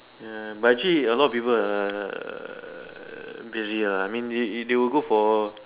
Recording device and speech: telephone, conversation in separate rooms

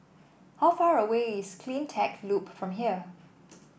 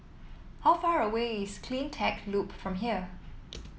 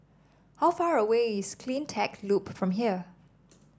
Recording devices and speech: boundary microphone (BM630), mobile phone (iPhone 7), standing microphone (AKG C214), read sentence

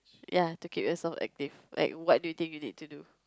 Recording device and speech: close-talking microphone, conversation in the same room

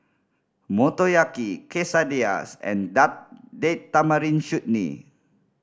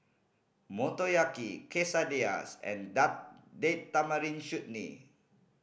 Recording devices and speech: standing microphone (AKG C214), boundary microphone (BM630), read sentence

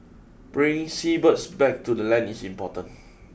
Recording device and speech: boundary microphone (BM630), read sentence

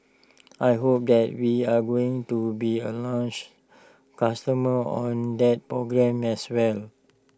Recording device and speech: standing microphone (AKG C214), read sentence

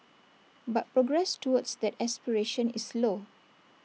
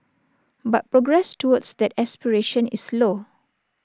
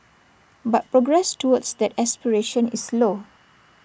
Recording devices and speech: mobile phone (iPhone 6), standing microphone (AKG C214), boundary microphone (BM630), read sentence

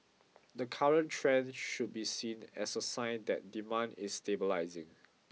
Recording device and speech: mobile phone (iPhone 6), read sentence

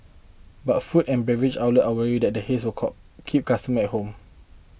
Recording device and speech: boundary microphone (BM630), read sentence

